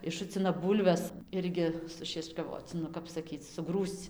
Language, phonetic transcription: Lithuanian, išˈšucina ˈbūlves ˈirgi sušiečkaˈvoc nu ˈkap saˈkyc suˈgrūsc

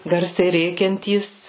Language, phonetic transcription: Lithuanian, ˈgarsiai ˈrėkiantys

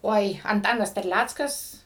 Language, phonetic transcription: Lithuanian, ˈoi anˈtanas terˈlæckas

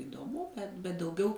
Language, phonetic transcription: Lithuanian, idoˈmu ˈbet bet dauˈgiau

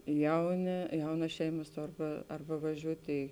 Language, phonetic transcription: Lithuanian, ˈjauˌnė ˈjaunas ˈšeimas ˈtor ˈba ˈarˌba vaˈžiūtė

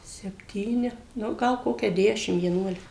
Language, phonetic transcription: Lithuanian, sepˈtyni ˈnu ˈgal ˈkokia ˈdešim vieˈnuolika

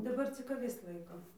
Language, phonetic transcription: Lithuanian, daˈbar cik aˈvis ˈlaikom

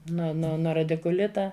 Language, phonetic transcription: Lithuanian, no no ˈno radikuˈlita

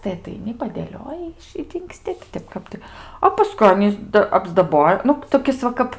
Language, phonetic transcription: Lithuanian, tai ataiˈni padėˈlioji iš i dingˈsti ti ˈtep ˈkap tai a paˈskui ˈanys da apsdaˈboja ˈnu toˈkis va ˈkap

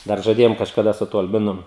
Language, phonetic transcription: Lithuanian, ˈdar žaˈdėjom kažkaˈda su tuo alˈbinu

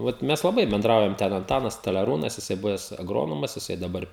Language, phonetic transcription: Lithuanian, ˈvat ˈmes laˈbai benˈdraujam ˈten anˈtanas staleˈrūnas jiˈsai ˈbuves aˈgronomas jiˈsai daˈbar

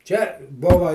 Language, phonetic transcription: Lithuanian, čia ˈbuva

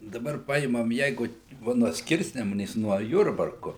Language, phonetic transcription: Lithuanian, daˈbar ˈpaimam ˈjeigu ˈva nuo ˈskirsnemunės nuo ˈjurbarku

